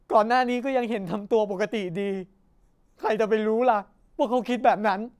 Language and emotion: Thai, sad